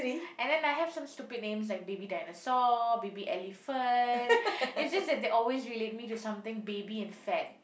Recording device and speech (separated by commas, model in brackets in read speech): boundary microphone, conversation in the same room